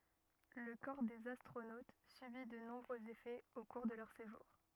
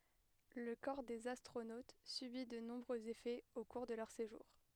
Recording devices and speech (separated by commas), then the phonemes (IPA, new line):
rigid in-ear microphone, headset microphone, read sentence
lə kɔʁ dez astʁonot sybi də nɔ̃bʁøz efɛz o kuʁ də lœʁ seʒuʁ